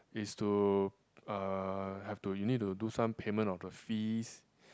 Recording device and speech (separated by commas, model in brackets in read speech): close-talking microphone, conversation in the same room